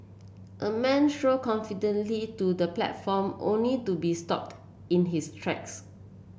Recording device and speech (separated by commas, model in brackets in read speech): boundary microphone (BM630), read sentence